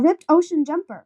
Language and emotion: English, happy